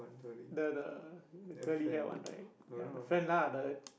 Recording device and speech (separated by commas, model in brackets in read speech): boundary microphone, conversation in the same room